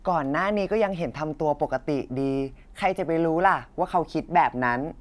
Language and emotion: Thai, neutral